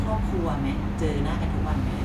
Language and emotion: Thai, neutral